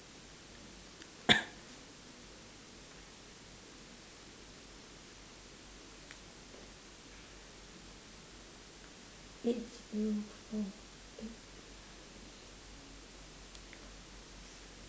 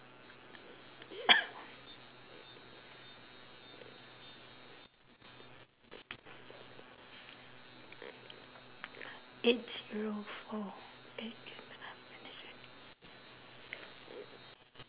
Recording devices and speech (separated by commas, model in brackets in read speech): standing microphone, telephone, conversation in separate rooms